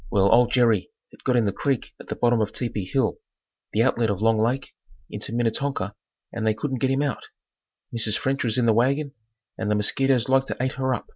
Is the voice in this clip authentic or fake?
authentic